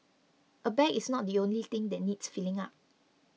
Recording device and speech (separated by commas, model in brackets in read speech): mobile phone (iPhone 6), read sentence